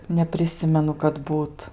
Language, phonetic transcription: Lithuanian, nepriˈsimenu kad ˈbūt

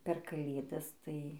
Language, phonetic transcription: Lithuanian, per kaˈlėdas ˈtai

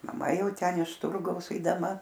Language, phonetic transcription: Lithuanian, maˈma ˈjau ˈten iš ˈturgaus eidaˈma

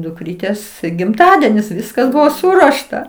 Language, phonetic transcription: Lithuanian, dukˈrytės gimˈtadienis ˈviskas ˈbuvo ˈsuruošta

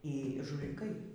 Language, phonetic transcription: Lithuanian, y žuliˈkai

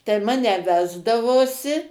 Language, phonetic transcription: Lithuanian, tai ˈmane ˈvesdavosi

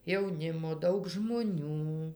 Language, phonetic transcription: Lithuanian, jauˈnimo ˈdaug žmoˈnių

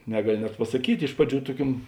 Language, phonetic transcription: Lithuanian, ˈnegaˌli net pasaˈkyt' ˈiš praˌdžių ˈtuoˌkiuom

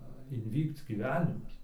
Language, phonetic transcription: Lithuanian, inˈvykc gyˈvenimas

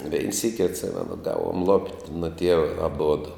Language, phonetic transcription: Lithuanian, vein ˈsyki atˈsimenu ˈgavom lopt' nu ˈtieva aˈbudu

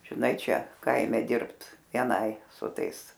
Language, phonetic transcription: Lithuanian, žiˈnai ˈčia ˈkaime ˈdirbt vieˈnai su ˈtais

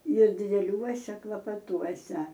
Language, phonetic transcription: Lithuanian, ir dideˈliuose klapaˈtuose

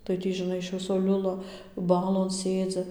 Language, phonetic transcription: Lithuanian, tai ˈtį žiˈnai iš ˈviso ˈliula ˈbalon ˈsėdzi

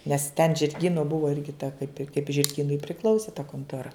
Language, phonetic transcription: Lithuanian, nes ten žirˈgyno ˈbuvo ir kiˈta kaip i kaip žirˈgynui priˈklausė ta kontoˈra

